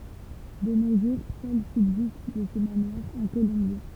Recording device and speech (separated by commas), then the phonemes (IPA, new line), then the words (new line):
temple vibration pickup, read sentence
də no ʒuʁ sœl sybzist də sə manwaʁ œ̃ kolɔ̃bje
De nos jours, seul subsiste de ce manoir un colombier.